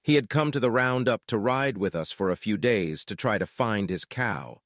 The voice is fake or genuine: fake